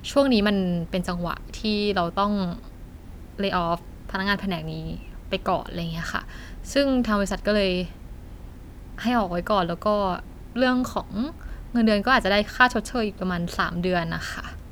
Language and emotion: Thai, frustrated